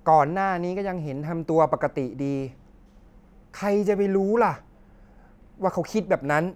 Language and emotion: Thai, frustrated